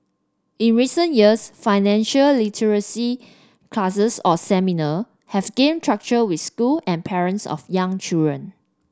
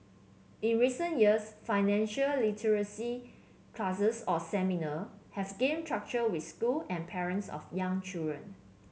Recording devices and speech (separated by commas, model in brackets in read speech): standing microphone (AKG C214), mobile phone (Samsung C7), read sentence